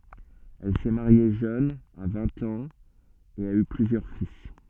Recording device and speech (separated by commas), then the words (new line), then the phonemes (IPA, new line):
soft in-ear microphone, read sentence
Elle s'est mariée jeune, à vingt ans, et a eu plusieurs fils.
ɛl sɛ maʁje ʒøn a vɛ̃t ɑ̃z e a y plyzjœʁ fil